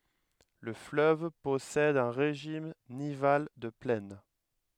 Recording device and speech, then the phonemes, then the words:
headset microphone, read sentence
lə fløv pɔsɛd œ̃ ʁeʒim nival də plɛn
Le fleuve possède un régime nival de plaine.

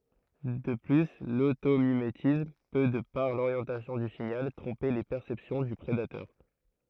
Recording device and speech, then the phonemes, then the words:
throat microphone, read sentence
də ply lotomimetism pø də paʁ loʁjɑ̃tasjɔ̃ dy siɲal tʁɔ̃pe le pɛʁsɛpsjɔ̃ dy pʁedatœʁ
De plus, l'automimétisme peut, de par l'orientation du signal, tromper les perceptions du prédateurs.

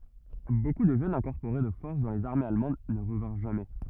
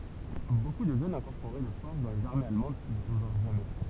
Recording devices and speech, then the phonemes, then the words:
rigid in-ear microphone, temple vibration pickup, read sentence
boku də ʒøn ʒɑ̃ ɛ̃kɔʁpoʁe də fɔʁs dɑ̃ lez aʁmez almɑ̃d nə ʁəvɛ̃ʁ ʒamɛ
Beaucoup de jeunes gens incorporés de force dans les armées allemandes ne revinrent jamais.

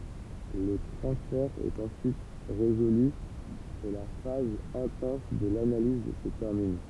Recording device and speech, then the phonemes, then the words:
temple vibration pickup, read sentence
lə tʁɑ̃sfɛʁ ɛt ɑ̃syit ʁezoly e la faz ɛ̃tɑ̃s də lanaliz sə tɛʁmin
Le transfert est ensuite résolu et la phase intense de l'analyse se termine.

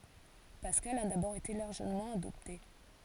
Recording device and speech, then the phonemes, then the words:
forehead accelerometer, read sentence
paskal a dabɔʁ ete laʁʒəmɑ̃ adɔpte
Pascal a d'abord été largement adopté.

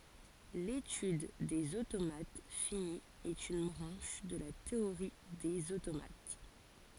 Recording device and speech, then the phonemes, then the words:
forehead accelerometer, read sentence
letyd dez otomat fini ɛt yn bʁɑ̃ʃ də la teoʁi dez otomat
L'étude des automates finis est une branche de la théorie des automates.

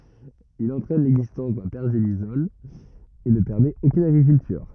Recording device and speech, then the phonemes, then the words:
rigid in-ear microphone, read sentence
il ɑ̃tʁɛn lɛɡzistɑ̃s dœ̃ pɛʁʒelisɔl e nə pɛʁmɛt okyn aɡʁikyltyʁ
Il entraîne l'existence d'un pergélisol et ne permet aucune agriculture.

